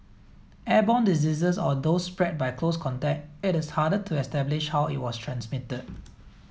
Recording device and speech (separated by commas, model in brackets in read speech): mobile phone (iPhone 7), read sentence